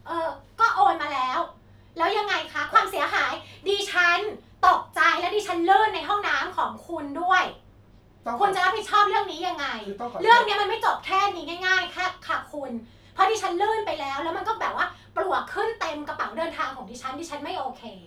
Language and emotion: Thai, angry